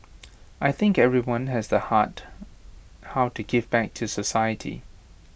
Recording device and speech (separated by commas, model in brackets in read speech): boundary microphone (BM630), read sentence